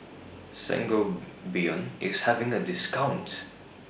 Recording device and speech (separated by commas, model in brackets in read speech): boundary microphone (BM630), read sentence